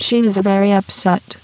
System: VC, spectral filtering